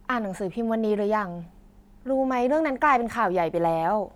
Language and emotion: Thai, neutral